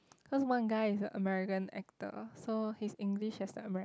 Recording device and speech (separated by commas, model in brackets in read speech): close-talking microphone, conversation in the same room